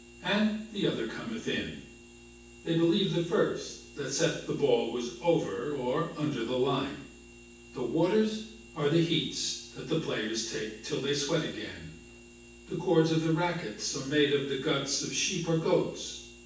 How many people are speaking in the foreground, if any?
One person.